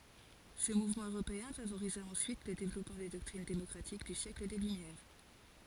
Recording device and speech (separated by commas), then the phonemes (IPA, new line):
forehead accelerometer, read sentence
sə muvmɑ̃ øʁopeɛ̃ favoʁiza ɑ̃syit lə devlɔpmɑ̃ de dɔktʁin demɔkʁatik dy sjɛkl de lymjɛʁ